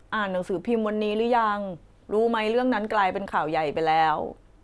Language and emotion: Thai, sad